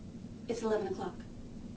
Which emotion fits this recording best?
neutral